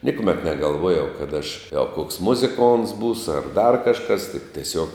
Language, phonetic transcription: Lithuanian, ˈnikuˌmet negalˈvojau kad aš a koks ˈmuziˌkonts ˈbūsu ar dar kažˈkas tik teˈsiuog

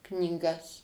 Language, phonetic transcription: Lithuanian, knyˈgas

